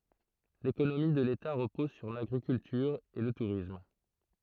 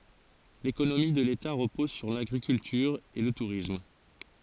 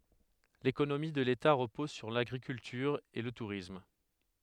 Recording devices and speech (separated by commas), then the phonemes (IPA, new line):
throat microphone, forehead accelerometer, headset microphone, read sentence
lekonomi də leta ʁəpɔz syʁ laɡʁikyltyʁ e lə tuʁism